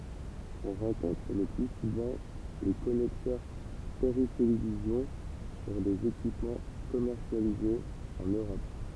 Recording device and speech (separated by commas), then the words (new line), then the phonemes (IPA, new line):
temple vibration pickup, read sentence
On rencontre le plus souvent les connecteurs Péritélévision sur des équipements commercialisés en Europe.
ɔ̃ ʁɑ̃kɔ̃tʁ lə ply suvɑ̃ le kɔnɛktœʁ peʁitelevizjɔ̃ syʁ dez ekipmɑ̃ kɔmɛʁsjalizez ɑ̃n øʁɔp